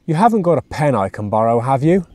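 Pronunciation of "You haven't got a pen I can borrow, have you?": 'You haven't got a pen I can borrow, have you?' asks for a favour, and it is said with a rising intonation.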